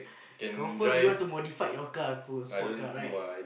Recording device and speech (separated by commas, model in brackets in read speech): boundary microphone, conversation in the same room